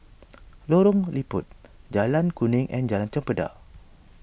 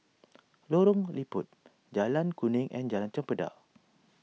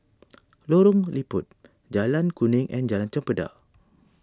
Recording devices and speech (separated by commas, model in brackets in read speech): boundary microphone (BM630), mobile phone (iPhone 6), standing microphone (AKG C214), read sentence